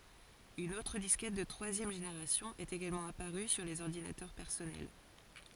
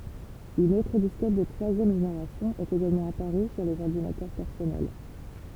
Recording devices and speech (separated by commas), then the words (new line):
forehead accelerometer, temple vibration pickup, read sentence
Une autre disquette de troisième génération est également apparue sur les ordinateurs personnels.